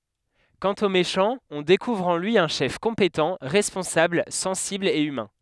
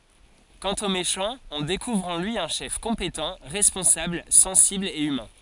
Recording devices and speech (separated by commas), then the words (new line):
headset microphone, forehead accelerometer, read sentence
Quant au méchant, on découvre en lui un chef compétent, responsable, sensible et humain.